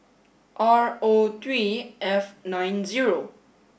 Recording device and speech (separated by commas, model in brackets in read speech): boundary microphone (BM630), read sentence